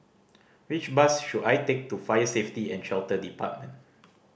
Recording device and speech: boundary microphone (BM630), read sentence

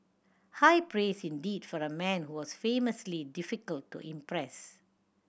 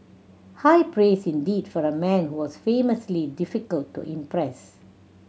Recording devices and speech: boundary microphone (BM630), mobile phone (Samsung C7100), read sentence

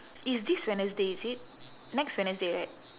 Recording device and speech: telephone, conversation in separate rooms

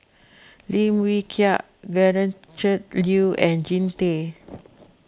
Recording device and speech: close-talking microphone (WH20), read sentence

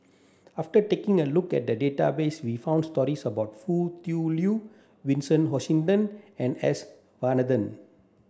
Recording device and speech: standing microphone (AKG C214), read sentence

